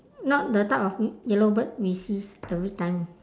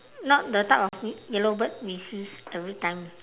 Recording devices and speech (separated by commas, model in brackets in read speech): standing microphone, telephone, conversation in separate rooms